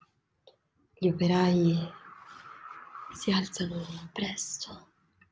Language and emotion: Italian, fearful